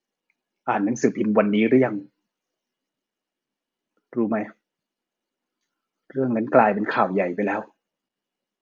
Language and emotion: Thai, sad